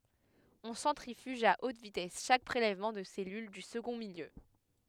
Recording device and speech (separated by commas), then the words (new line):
headset microphone, read sentence
On centrifuge à haute vitesse chaque prélèvement de cellules du second milieu.